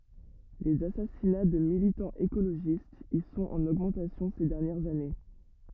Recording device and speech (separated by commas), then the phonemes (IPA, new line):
rigid in-ear microphone, read sentence
lez asasina də militɑ̃z ekoloʒistz i sɔ̃t ɑ̃n oɡmɑ̃tasjɔ̃ se dɛʁnjɛʁz ane